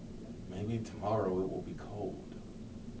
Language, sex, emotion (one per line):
English
male
neutral